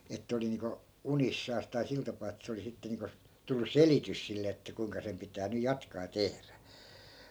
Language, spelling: Finnish, että oli niin kuin unissaan tai sillä tapaa että se oli sitten niin kuin tullut selitys sille että kuinka sen pitää nyt jatkaa ja tehdä
- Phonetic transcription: ettᵃ̈ 'oli niiŋko , "unissaas tai 'sil tapaa ettᵃ̈ 'se oli 'sitte niiŋko , 'tullu "selitys sille että kuiŋka sem 'pitää nyj̆ 'jatkaa (ja) 'tehrä .

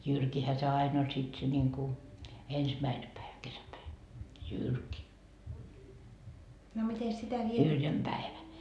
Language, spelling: Finnish, jyrkihän se aina oli sitten se niin kuin ensimmäinen päivä kesäpäivä jyrki yrjönpäivä
- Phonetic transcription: 'jyrkihä se 'ain ‿oĺ sit se ńiŋku , 'ensmäine päivä 'kesäpäi , "jyrki , 'yrjömpäevä .

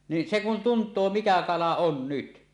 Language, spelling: Finnish, niin se kun tuntee mikä kala on nyt
- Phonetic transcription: ni , se kun "tunt̀oo 'mikä 'kala 'on "nyt .

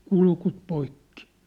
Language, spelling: Finnish, kurkut poikki
- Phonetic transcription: 'kulkut 'poikki !

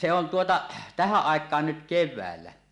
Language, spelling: Finnish, se on tuota tähän aikaan nyt keväällä
- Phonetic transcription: 'se on tuota , "tähäˀ 'ˀàek̀aan nyt 'kev̆väällä .

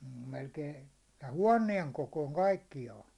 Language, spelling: Finnish, mm melkein tämän huoneen kokoinen kaikkiaan
- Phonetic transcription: m̥ mel'kei , tä "huån̆nieŋ 'kokòⁱŋ "kaikkijaan̬ .

